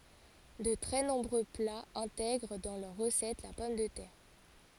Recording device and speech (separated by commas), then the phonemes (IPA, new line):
forehead accelerometer, read sentence
də tʁɛ nɔ̃bʁø plaz ɛ̃tɛɡʁ dɑ̃ lœʁ ʁəsɛt la pɔm də tɛʁ